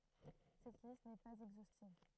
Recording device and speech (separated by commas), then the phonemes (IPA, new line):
throat microphone, read sentence
sɛt list nɛ paz ɛɡzostiv